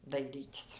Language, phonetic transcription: Lithuanian, daiˈrytis

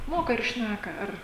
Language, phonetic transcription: Lithuanian, ˈmoka ir ˈšnæka ˈar

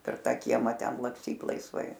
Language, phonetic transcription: Lithuanian, per ˈtą ˈkiemą ˈten laksˈtyt laisˈvai

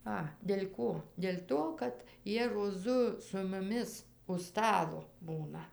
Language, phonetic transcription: Lithuanian, ˈa del' ˈko del' ˈto kad ˈjie roˈzu su muˈmis už ˈstalo ˈbūna

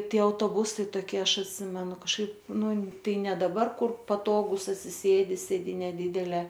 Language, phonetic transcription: Lithuanian, ˈtie autoˈbusai toˈkie ˈaš atˈsimenu kažˈkaip ˈnu ˈtai ˈne daˈbar ˈkur paˈtogūs atsiˈsėdi sėˈdyne ˈdidelė

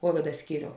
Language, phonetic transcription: Lithuanian, ˈkovida ˈskyriou

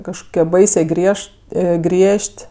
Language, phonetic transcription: Lithuanian, kažˈkokie ˈbaisė ˈgriež't' ˈgriež't'

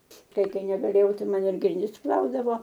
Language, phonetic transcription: Lithuanian, ˈtai ˈkai negaˈlėjau ˈtai ˈman ir grinˈdis ˈplaudavo

